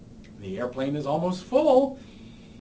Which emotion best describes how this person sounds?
happy